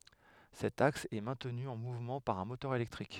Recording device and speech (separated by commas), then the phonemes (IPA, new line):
headset microphone, read sentence
sɛt aks ɛ mɛ̃tny ɑ̃ muvmɑ̃ paʁ œ̃ motœʁ elɛktʁik